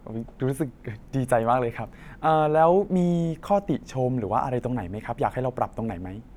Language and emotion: Thai, happy